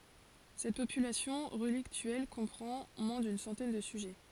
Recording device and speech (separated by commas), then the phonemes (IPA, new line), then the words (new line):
forehead accelerometer, read sentence
sɛt popylasjɔ̃ ʁəliktyɛl kɔ̃pʁɑ̃ mwɛ̃ dyn sɑ̃tɛn də syʒɛ
Cette population relictuelle comprend moins d'une centaine de sujets.